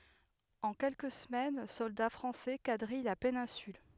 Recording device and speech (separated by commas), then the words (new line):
headset microphone, read sentence
En quelques semaines, soldats français quadrillent la péninsule.